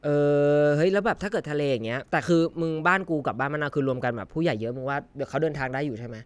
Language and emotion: Thai, neutral